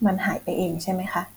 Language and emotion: Thai, neutral